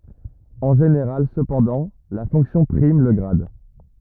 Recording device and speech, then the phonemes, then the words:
rigid in-ear microphone, read sentence
ɑ̃ ʒeneʁal səpɑ̃dɑ̃ la fɔ̃ksjɔ̃ pʁim lə ɡʁad
En général cependant, la fonction prime le grade.

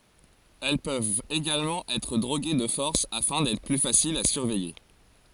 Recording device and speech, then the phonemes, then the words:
forehead accelerometer, read sentence
ɛl pøvt eɡalmɑ̃ ɛtʁ dʁoɡe də fɔʁs afɛ̃ dɛtʁ ply fasilz a syʁvɛje
Elles peuvent également être droguées de force afin d'être plus faciles à surveiller.

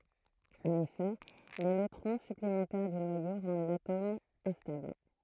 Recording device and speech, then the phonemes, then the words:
throat microphone, read sentence
ɑ̃n efɛ le nøtʁɔ̃ syplemɑ̃tɛʁ dy nwajo ʁɑ̃d latom ɛ̃stabl
En effet, les neutrons supplémentaires du noyau rendent l'atome instable.

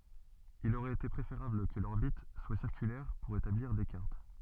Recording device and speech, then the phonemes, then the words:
soft in-ear microphone, read sentence
il oʁɛt ete pʁefeʁabl kə lɔʁbit swa siʁkylɛʁ puʁ etabliʁ de kaʁt
Il aurait été préférable que l'orbite soit circulaire pour établir des cartes.

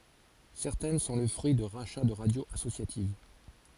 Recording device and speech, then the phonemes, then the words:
forehead accelerometer, read sentence
sɛʁtɛn sɔ̃ lə fʁyi də ʁaʃa də ʁadjoz asosjativ
Certaines sont le fruit de rachats de radios associatives.

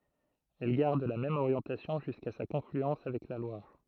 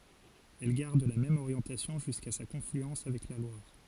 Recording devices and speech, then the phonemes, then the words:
throat microphone, forehead accelerometer, read sentence
ɛl ɡaʁd la mɛm oʁjɑ̃tasjɔ̃ ʒyska sa kɔ̃flyɑ̃s avɛk la lwaʁ
Elle garde la même orientation jusqu'à sa confluence avec la Loire.

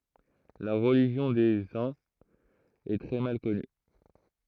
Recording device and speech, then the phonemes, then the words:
throat microphone, read sentence
la ʁəliʒjɔ̃ de œ̃z ɛ tʁɛ mal kɔny
La religion des Huns est très mal connue.

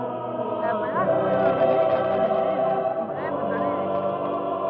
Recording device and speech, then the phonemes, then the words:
rigid in-ear microphone, read sentence
la bʁaʃiloʒi ɛt yn vaʁjɑ̃t bʁɛv də lɛlips
La brachylogie est une variante brève de l'ellipse.

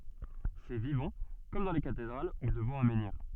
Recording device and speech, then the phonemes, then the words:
soft in-ear microphone, read sentence
sɛ vivɑ̃ kɔm dɑ̃ le katedʁal u dəvɑ̃ œ̃ mɑ̃niʁ
C’est vivant, comme dans les cathédrales ou devant un menhir.

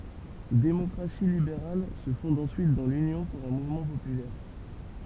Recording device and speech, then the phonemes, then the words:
temple vibration pickup, read sentence
demɔkʁasi libeʁal sə fɔ̃d ɑ̃syit dɑ̃ lynjɔ̃ puʁ œ̃ muvmɑ̃ popylɛʁ
Démocratie libérale se fonde ensuite dans l'Union pour un mouvement populaire.

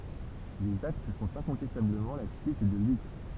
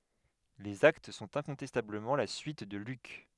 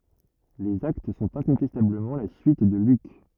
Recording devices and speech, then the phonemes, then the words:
temple vibration pickup, headset microphone, rigid in-ear microphone, read sentence
lez akt sɔ̃t ɛ̃kɔ̃tɛstabləmɑ̃ la syit də lyk
Les Actes sont incontestablement la suite de Luc.

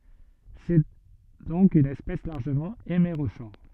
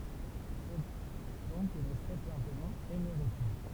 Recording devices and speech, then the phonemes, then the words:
soft in-ear microphone, temple vibration pickup, read sentence
sɛ dɔ̃k yn ɛspɛs laʁʒəmɑ̃ emeʁoʃɔʁ
C'est donc une espèce largement hémérochore.

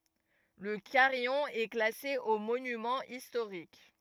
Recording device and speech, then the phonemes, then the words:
rigid in-ear microphone, read sentence
lə kaʁijɔ̃ ɛ klase o monymɑ̃z istoʁik
Le carillon est classé aux monuments historiques.

